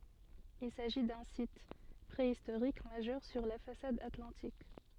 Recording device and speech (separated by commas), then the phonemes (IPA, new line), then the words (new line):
soft in-ear microphone, read sentence
il saʒi dœ̃ sit pʁeistoʁik maʒœʁ syʁ la fasad atlɑ̃tik
Il s’agit d’un site préhistorique majeur sur la façade atlantique.